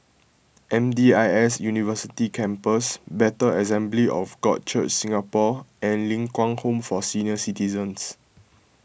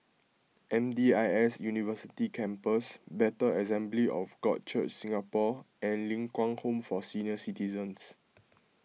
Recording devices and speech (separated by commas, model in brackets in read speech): boundary microphone (BM630), mobile phone (iPhone 6), read sentence